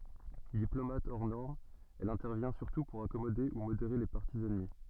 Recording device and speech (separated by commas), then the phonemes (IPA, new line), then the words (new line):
soft in-ear microphone, read sentence
diplomat ɔʁ nɔʁm ɛl ɛ̃tɛʁvjɛ̃ syʁtu puʁ akɔmode u modeʁe le paʁti ɛnmi
Diplomate hors norme, elle intervient surtout pour accommoder ou modérer les partis ennemis.